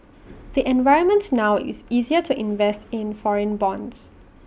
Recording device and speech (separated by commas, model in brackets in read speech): boundary microphone (BM630), read sentence